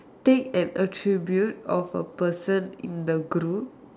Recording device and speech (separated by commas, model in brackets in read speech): standing microphone, conversation in separate rooms